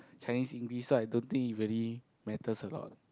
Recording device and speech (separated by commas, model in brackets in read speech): close-talking microphone, conversation in the same room